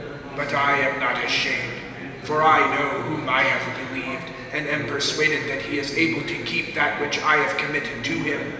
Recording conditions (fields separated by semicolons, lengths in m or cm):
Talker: one person; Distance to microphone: 1.7 m; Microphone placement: close; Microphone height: 1.0 m; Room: very reverberant, large; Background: babble